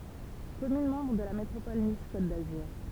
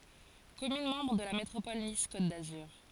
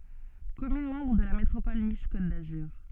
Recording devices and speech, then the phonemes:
temple vibration pickup, forehead accelerometer, soft in-ear microphone, read sentence
kɔmyn mɑ̃bʁ də la metʁopɔl nis kot dazyʁ

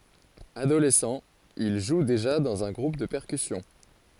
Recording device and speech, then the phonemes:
forehead accelerometer, read sentence
adolɛsɑ̃ il ʒu deʒa dɑ̃z œ̃ ɡʁup də pɛʁkysjɔ̃

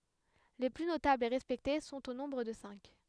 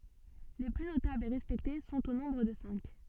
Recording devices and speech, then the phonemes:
headset microphone, soft in-ear microphone, read sentence
le ply notablz e ʁɛspɛkte sɔ̃t o nɔ̃bʁ də sɛ̃k

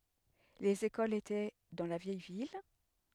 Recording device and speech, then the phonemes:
headset microphone, read sentence
lez ekolz etɛ dɑ̃ la vjɛj vil

